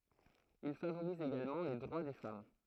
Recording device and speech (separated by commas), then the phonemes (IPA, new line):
throat microphone, read sentence
il favoʁiz eɡalmɑ̃ le dʁwa de fam